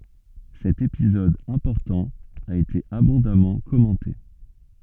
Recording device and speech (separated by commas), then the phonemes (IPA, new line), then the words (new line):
soft in-ear microphone, read sentence
sɛt epizɔd ɛ̃pɔʁtɑ̃ a ete abɔ̃damɑ̃ kɔmɑ̃te
Cet épisode important a été abondamment commenté.